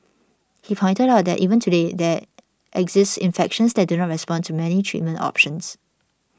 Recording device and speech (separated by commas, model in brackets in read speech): standing microphone (AKG C214), read sentence